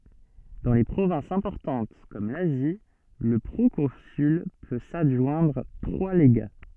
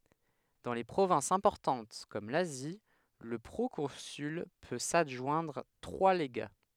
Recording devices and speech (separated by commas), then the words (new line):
soft in-ear microphone, headset microphone, read sentence
Dans les provinces importantes comme l'Asie, le proconsul peut s'adjoindre trois légats.